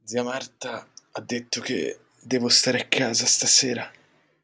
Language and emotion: Italian, sad